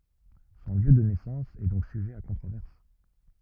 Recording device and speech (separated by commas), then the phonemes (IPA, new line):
rigid in-ear microphone, read sentence
sɔ̃ ljø də nɛsɑ̃s ɛ dɔ̃k syʒɛ a kɔ̃tʁovɛʁs